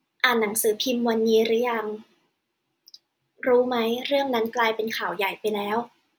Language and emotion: Thai, neutral